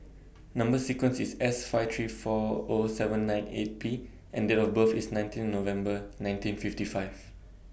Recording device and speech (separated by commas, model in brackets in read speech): boundary microphone (BM630), read sentence